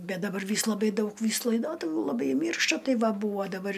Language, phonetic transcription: Lithuanian, ˈbet daˈbar ˈvys laˈbai ˈdaug ˈvys laiˈdotuvių laˈbai ˈmyršta ˈtai ˈva ˈbūvo daˈbar

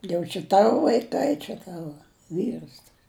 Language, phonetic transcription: Lithuanian, jau čia ˈtavo vaiˈkai čia ˈtava ˈvyrs tas

